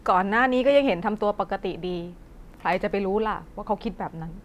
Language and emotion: Thai, sad